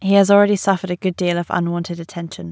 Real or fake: real